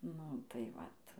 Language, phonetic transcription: Lithuanian, ˈnu tai ˈvat

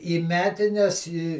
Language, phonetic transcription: Lithuanian, į ˈmetines į

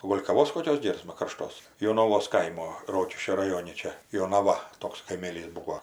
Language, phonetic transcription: Lithuanian, o ˈgol' kaˈvos koˈkios ˈgėrsma karˈštos jonaˈvos ˈkaimo ˈrokiškio raˈjoni ˈčia jonaˈva ˈtoks kaiˈmėlys ˈbūo

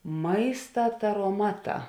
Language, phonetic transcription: Lithuanian, ˈmaista taroˈmaˌtā

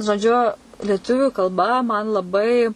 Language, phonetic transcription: Lithuanian, žoˈdžiu lieˈtuviu kalˈba man laˈbai

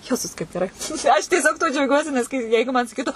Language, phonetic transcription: Lithuanian, ˈjezus kaip geˈrai aš tieˈsiog tuo džiauˈgiuosi nes ˈkai ˈjeigu man saˈkytu

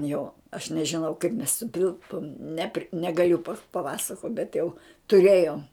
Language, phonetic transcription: Lithuanian, ˈjo aš nežiˈnau kaip mes suˈtilpom ˈnepri negaˈliu paˈpasakot bet jau tuˈrėjom

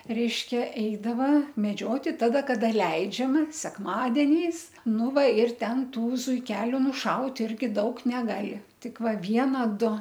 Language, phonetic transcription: Lithuanian, ˈreiškia ˈeidava meˈdžioti ˈtada ˈkada ˈleidžiama sekˈmadeniais ˈnu ˈva ir ˈten ˈtų zuiˈkeliu nuˈšaut' ˈirgi ˈdaug neˈgali ˈtik ˈva ˈviena ˈdu

